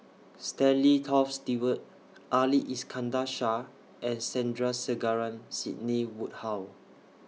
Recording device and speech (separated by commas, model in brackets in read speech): mobile phone (iPhone 6), read sentence